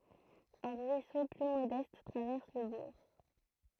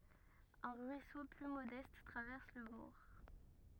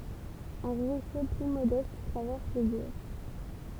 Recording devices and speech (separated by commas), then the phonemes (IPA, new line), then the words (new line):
throat microphone, rigid in-ear microphone, temple vibration pickup, read sentence
œ̃ ʁyiso ply modɛst tʁavɛʁs lə buʁ
Un ruisseau plus modeste traverse le bourg.